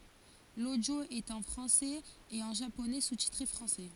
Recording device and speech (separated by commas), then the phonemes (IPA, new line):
forehead accelerometer, read sentence
lodjo ɛt ɑ̃ fʁɑ̃sɛz e ɑ̃ ʒaponɛ sustitʁe fʁɑ̃sɛ